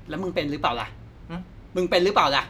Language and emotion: Thai, angry